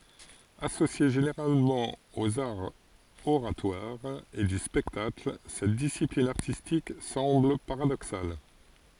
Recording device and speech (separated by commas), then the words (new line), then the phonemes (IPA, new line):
forehead accelerometer, read sentence
Associée généralement aux arts oratoires et du spectacle, cette discipline artistique semble paradoxale.
asosje ʒeneʁalmɑ̃ oz aʁz oʁatwaʁz e dy spɛktakl sɛt disiplin aʁtistik sɑ̃bl paʁadoksal